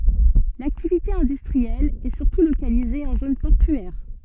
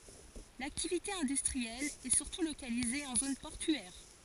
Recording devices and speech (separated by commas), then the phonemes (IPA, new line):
soft in-ear microphone, forehead accelerometer, read sentence
laktivite ɛ̃dystʁiɛl ɛ syʁtu lokalize ɑ̃ zon pɔʁtyɛʁ